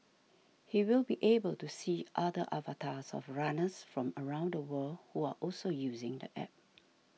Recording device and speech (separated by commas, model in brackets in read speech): mobile phone (iPhone 6), read sentence